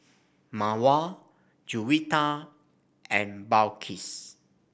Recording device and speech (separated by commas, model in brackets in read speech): boundary microphone (BM630), read sentence